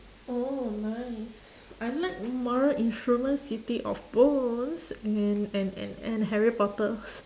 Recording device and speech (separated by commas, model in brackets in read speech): standing microphone, conversation in separate rooms